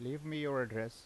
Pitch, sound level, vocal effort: 130 Hz, 86 dB SPL, normal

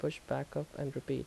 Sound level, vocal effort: 76 dB SPL, soft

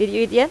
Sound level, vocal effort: 86 dB SPL, normal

